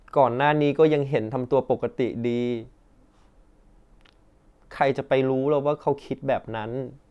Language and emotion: Thai, sad